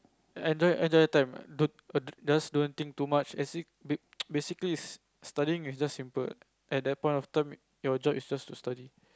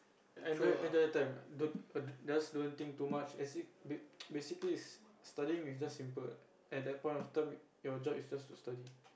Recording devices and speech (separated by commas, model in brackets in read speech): close-talking microphone, boundary microphone, conversation in the same room